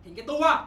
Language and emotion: Thai, angry